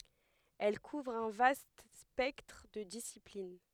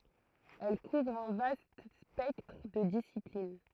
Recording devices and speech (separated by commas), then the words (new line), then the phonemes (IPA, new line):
headset microphone, throat microphone, read sentence
Elle couvre un vaste spectre de disciplines.
ɛl kuvʁ œ̃ vast spɛktʁ də disiplin